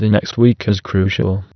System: TTS, waveform concatenation